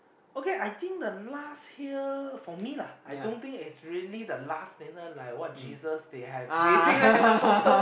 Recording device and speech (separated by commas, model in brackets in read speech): boundary microphone, conversation in the same room